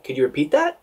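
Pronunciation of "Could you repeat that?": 'Could you repeat that?' is said with a rising intonation.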